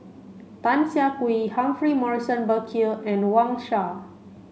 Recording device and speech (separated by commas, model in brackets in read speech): mobile phone (Samsung C5), read sentence